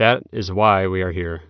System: none